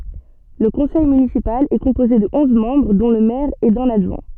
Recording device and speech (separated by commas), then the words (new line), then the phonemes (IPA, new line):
soft in-ear microphone, read sentence
Le conseil municipal est composé de onze membres dont le maire et d'un adjoint.
lə kɔ̃sɛj mynisipal ɛ kɔ̃poze də ɔ̃z mɑ̃bʁ dɔ̃ lə mɛʁ e dœ̃n adʒwɛ̃